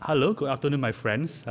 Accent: Chinese accent